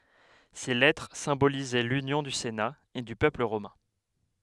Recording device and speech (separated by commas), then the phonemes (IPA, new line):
headset microphone, read sentence
se lɛtʁ sɛ̃bolizɛ lynjɔ̃ dy sena e dy pøpl ʁomɛ̃